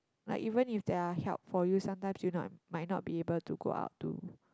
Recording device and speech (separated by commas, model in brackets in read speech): close-talking microphone, conversation in the same room